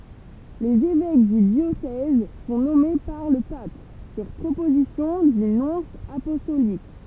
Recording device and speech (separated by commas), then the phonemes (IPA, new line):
temple vibration pickup, read sentence
lez evɛk dy djosɛz sɔ̃ nɔme paʁ lə pap syʁ pʁopozisjɔ̃ dy nɔ̃s apɔstolik